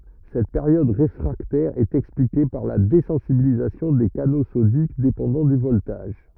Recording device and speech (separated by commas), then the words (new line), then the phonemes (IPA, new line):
rigid in-ear microphone, read sentence
Cette période réfractaire est expliquée par la désensibilisation des canaux sodiques dépendant du voltage.
sɛt peʁjɔd ʁefʁaktɛʁ ɛt ɛksplike paʁ la dezɑ̃sibilizasjɔ̃ de kano sodik depɑ̃dɑ̃ dy vɔltaʒ